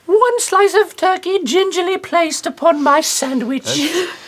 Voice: high voice